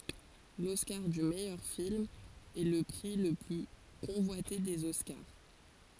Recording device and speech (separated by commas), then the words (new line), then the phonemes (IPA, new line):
forehead accelerometer, read sentence
L'Oscar du meilleur film est le prix le plus convoité des Oscars.
lɔskaʁ dy mɛjœʁ film ɛ lə pʁi lə ply kɔ̃vwate dez ɔskaʁ